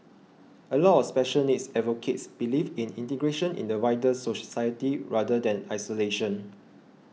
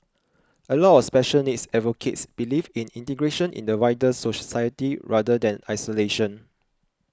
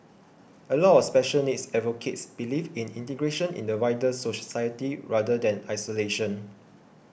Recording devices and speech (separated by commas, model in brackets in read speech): mobile phone (iPhone 6), close-talking microphone (WH20), boundary microphone (BM630), read sentence